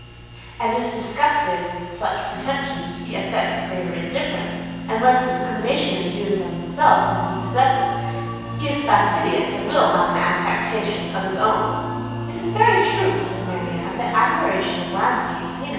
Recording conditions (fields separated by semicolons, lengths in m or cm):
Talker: one person; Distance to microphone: 7.1 m; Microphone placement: far; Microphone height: 1.7 m; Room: very reverberant, large; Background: music